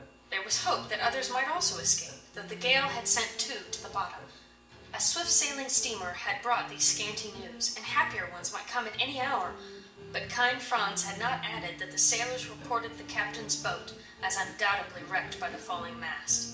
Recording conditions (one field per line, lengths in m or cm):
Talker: one person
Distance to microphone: 1.8 m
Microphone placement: close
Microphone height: 1.0 m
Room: large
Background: music